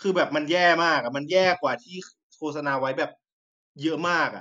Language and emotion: Thai, frustrated